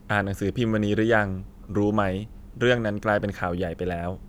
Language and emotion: Thai, neutral